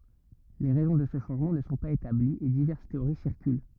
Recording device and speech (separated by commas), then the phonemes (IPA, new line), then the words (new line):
rigid in-ear microphone, read sentence
le ʁɛzɔ̃ də sə ʃɑ̃ʒmɑ̃ nə sɔ̃ paz etabliz e divɛʁs teoʁi siʁkyl
Les raisons de ce changement ne sont pas établies et diverses théories circulent.